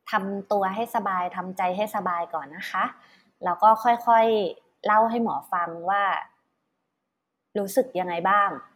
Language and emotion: Thai, neutral